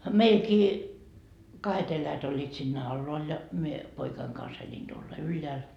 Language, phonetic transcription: Finnish, 'meilkii , 'kahet ‿eläjät oĺĺiit siinnä "alloal ja , mie , 'poikaiŋ kans eĺin tuolla "ylleäl .
- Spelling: meilläkin kahdet eläjät olivat siinä alhaalla ja minä poikani kanssa elin tuolla ylhäällä

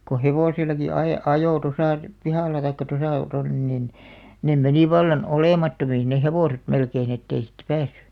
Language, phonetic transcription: Finnish, ko "hevòsil̆laki 'ae- , "ajò 'tosà , 'pihàl̆la taikka 'tosà , tonnen nin , nem 'meni 'vallan "olèmattomiin neh "hevòset 'melkein ‿ettei siittᵃ̈ 'päässy .
- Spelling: kun hevosillakin - ajoi tuossa pihalla tai tuossa tuonne niin ne meni vallan olemattomiin ne hevoset melkein että ei siitä päässyt

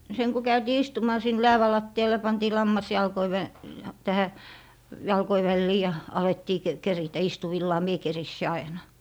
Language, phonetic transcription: Finnish, seŋ ku 'käytii "istumaa sin "läävä 'latti₍al ja 'pantii 'lammas 'jalkoi vä- , 'tähä , 'jalkoi 'vällii ja , 'alettii k - 'keritä 'istuvillaa "mie 'kerissi 'aina .
- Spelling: sen kun käytiin istumaan sinne läävän lattialle ja pantiin lammas jalkojen - tähän jalkojen väliin ja alettiin - keritä istuvillaan minä keritsin aina

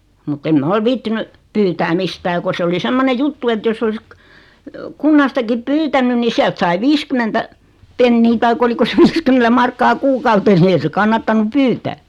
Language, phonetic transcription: Finnish, mut't ‿em "ma ol "viittiny , 'pyytää "mistää ko 'se oli "semmone 'juttu et 'joss ‿olis kə- , 'kunnastakip "pyytänyn ni 'siält sai "viiskymmentä , 'pennii tai'k ‿oliko se 'viiskymmentä markkaa "kuukautes ni 'ei se 'kannattanu "pyytää .
- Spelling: mutta en minä ole viitsinyt pyytää mistään kun se oli semmoinen juttu että jos olisi - kunnastakin pyytänyt niin sieltä sai viisikymmentä penniä tai oliko se viisikymmentä markkaa kuukaudessa niin ei se kannattanut pyytää

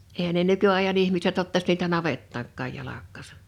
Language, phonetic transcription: Finnish, eehän ne 'nyky₍aḙja'n ‿ihmiset ottas niitä "navettaaŋkkàj 'jalakkaasᴀ .
- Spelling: eihän ne nykyajan ihmiset ottaisi niitä navettaankaan jalkaansa

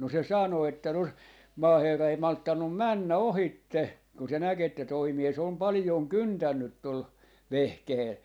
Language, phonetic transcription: Finnish, no 'se 'sàno että no , "maaherra ei 'malttannum "männä "ohitte , kun se 'näk ‿että toi 'mies ‿om "palⁱjon "kyntännyt 'tol , "vehkehel .
- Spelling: no se sanoi että no maaherra ei malttanut mennä ohitse kun se näki että tuo mies on paljon kyntänyt tuolla vehkeellä

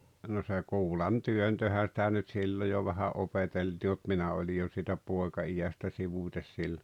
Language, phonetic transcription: Finnish, no se 'kuulan'työntöhä sⁱtä nyt 'sillo jo vähä '’opeteltii m̬ut 'minä oĺi jo siitä 'pòeka₍ijästä 'sivùt́es sillo .
- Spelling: no se kuulantyöntöhän sitä nyt silloin jo vähän opeteltiin mutta minä olin jo siitä poikaiästä sivuten silloin

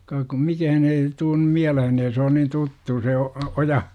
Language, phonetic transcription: Finnish, kaak kum "mikähän ee , tuun nym 'miälehen ee se on nin 'tuttu se o- , 'oja .
- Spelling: kas kun mikään ei tule nyt mieleen ei se on niin tuttu se - oja

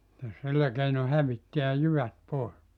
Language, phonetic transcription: Finnish, se 'sillä keino 'hävittiä 'jyvät 'pòis .
- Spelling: se sillä keinoin hävittää jyvät pois

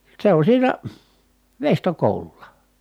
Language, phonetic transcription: Finnish, se on siinä , veistokòu̬lul̆la .
- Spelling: se on siinä veistokoululla

